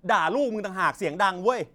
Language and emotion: Thai, angry